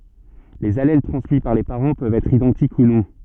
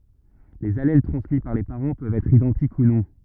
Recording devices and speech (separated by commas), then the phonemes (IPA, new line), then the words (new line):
soft in-ear microphone, rigid in-ear microphone, read sentence
lez alɛl tʁɑ̃smi paʁ le paʁɑ̃ pøvt ɛtʁ idɑ̃tik u nɔ̃
Les allèles transmis par les parents peuvent être identiques ou non.